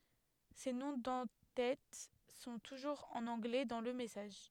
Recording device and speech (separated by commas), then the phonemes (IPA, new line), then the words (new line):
headset microphone, read sentence
se nɔ̃ dɑ̃ tɛt sɔ̃ tuʒuʁz ɑ̃n ɑ̃ɡlɛ dɑ̃ lə mɛsaʒ
Ces noms d'en-têtes sont toujours en anglais dans le message.